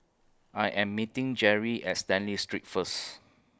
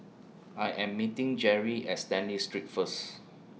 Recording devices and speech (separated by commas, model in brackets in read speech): close-talking microphone (WH20), mobile phone (iPhone 6), read sentence